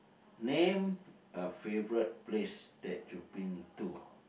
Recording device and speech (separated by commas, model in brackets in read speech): boundary microphone, conversation in the same room